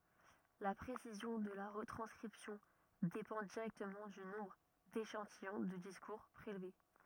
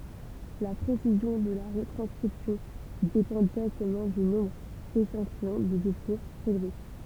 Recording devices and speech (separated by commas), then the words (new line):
rigid in-ear microphone, temple vibration pickup, read sentence
La précision de la retranscription dépend directement du nombre d’échantillons de discours prélevés.